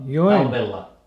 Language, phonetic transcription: Finnish, jo₍en ?
- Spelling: joen

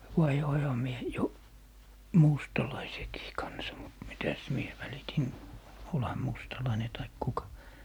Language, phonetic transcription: Finnish, 'vaihoiha 'mie , 'jo , "mustalaisekii 'kansa mut 'mitäs 'mie 'välitin , "olha 'mustalaine taik 'kuka .
- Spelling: vaihdoinhan minä jo mustalaisenkin kanssa mutta mitäs minä välitin olihan mustalainen tai kuka

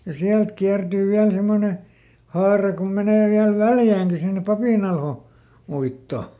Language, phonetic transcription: Finnish, ja ˈsiält ˈkiärDyy viäl ˈsemmone , ˈhaara kom menè viäl "Väljääŋki sinne ˈPapìnalho- , -ˈuitto .
- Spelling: ja sieltä kiertyy vielä semmoinen haara kun menee vielä Väljäänkin sinne - Papinalhouittoon

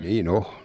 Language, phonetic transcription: Finnish, 'niin ‿"o .
- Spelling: niin on

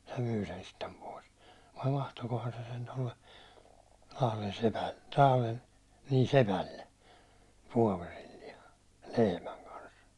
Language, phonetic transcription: Finnish, se 'myy sen sittem pois , vai 'vahtokohan se sen tolle , 'Lahlen sepälle , Lahlen , nii 'sepälle , 'vuåverillia , 'lehmäŋ kans .
- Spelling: se myi sen sitten pois vai vaihtoikohan se sen tuolle Lahden sepälle Lahden niin sepälle vuoverillaan lehmän kanssa

